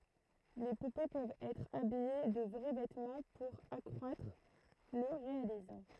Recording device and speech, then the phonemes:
throat microphone, read sentence
le pupe pøvt ɛtʁ abije də vʁɛ vɛtmɑ̃ puʁ akʁwatʁ lə ʁealism

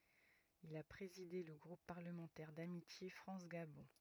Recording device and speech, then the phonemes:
rigid in-ear microphone, read sentence
il a pʁezide lə ɡʁup paʁləmɑ̃tɛʁ damitje fʁɑ̃s ɡabɔ̃

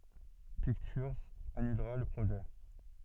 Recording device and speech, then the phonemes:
soft in-ear microphone, read sentence
piktyʁz anylʁa lə pʁoʒɛ

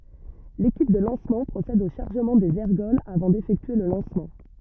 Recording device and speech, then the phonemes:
rigid in-ear microphone, read sentence
lekip də lɑ̃smɑ̃ pʁosɛd o ʃaʁʒəmɑ̃ dez ɛʁɡɔlz avɑ̃ defɛktye lə lɑ̃smɑ̃

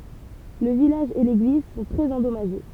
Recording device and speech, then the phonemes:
temple vibration pickup, read sentence
lə vilaʒ e leɡliz sɔ̃ tʁɛz ɑ̃dɔmaʒe

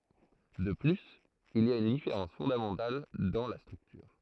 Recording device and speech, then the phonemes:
throat microphone, read sentence
də plyz il i a yn difeʁɑ̃s fɔ̃damɑ̃tal dɑ̃ la stʁyktyʁ

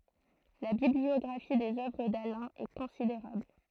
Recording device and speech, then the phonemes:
throat microphone, read sentence
la bibliɔɡʁafi dez œvʁ dalɛ̃ ɛ kɔ̃sideʁabl

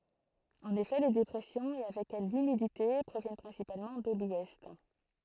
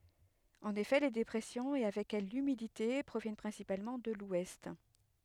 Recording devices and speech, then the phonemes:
throat microphone, headset microphone, read sentence
ɑ̃n efɛ le depʁɛsjɔ̃z e avɛk ɛl lymidite pʁovjɛn pʁɛ̃sipalmɑ̃ də lwɛst

